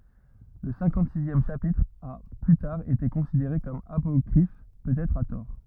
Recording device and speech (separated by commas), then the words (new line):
rigid in-ear microphone, read sentence
Le cinquante-sixième chapitre a plus tard été considéré comme apocryphe, peut-être à tort.